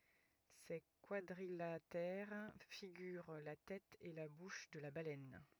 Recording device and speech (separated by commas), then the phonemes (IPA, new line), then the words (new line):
rigid in-ear microphone, read sentence
se kwadʁilatɛʁ fiɡyʁ la tɛt e la buʃ də la balɛn
Ces quadrilatères figurent la tête et la bouche de la baleine.